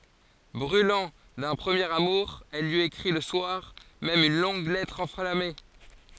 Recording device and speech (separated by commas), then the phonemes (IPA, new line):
forehead accelerometer, read sentence
bʁylɑ̃ dœ̃ pʁəmjeʁ amuʁ ɛl lyi ekʁi lə swaʁ mɛm yn lɔ̃ɡ lɛtʁ ɑ̃flame